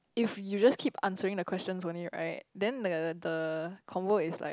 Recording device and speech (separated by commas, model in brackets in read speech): close-talking microphone, conversation in the same room